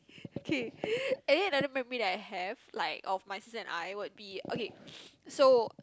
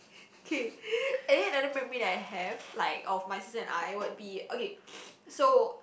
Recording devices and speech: close-talking microphone, boundary microphone, conversation in the same room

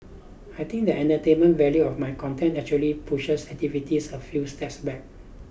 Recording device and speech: boundary microphone (BM630), read sentence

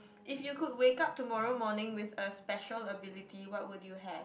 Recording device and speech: boundary microphone, conversation in the same room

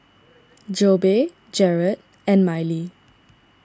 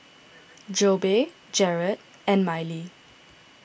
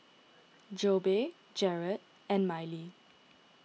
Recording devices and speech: standing microphone (AKG C214), boundary microphone (BM630), mobile phone (iPhone 6), read sentence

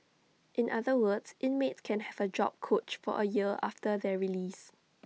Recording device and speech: mobile phone (iPhone 6), read sentence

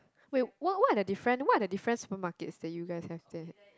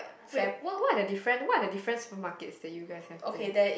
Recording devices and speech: close-talking microphone, boundary microphone, conversation in the same room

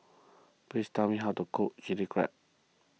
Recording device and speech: mobile phone (iPhone 6), read sentence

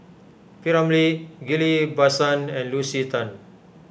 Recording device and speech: boundary microphone (BM630), read sentence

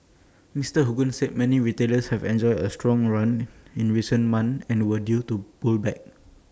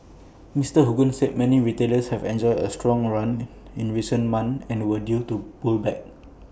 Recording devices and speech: standing microphone (AKG C214), boundary microphone (BM630), read sentence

